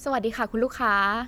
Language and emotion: Thai, neutral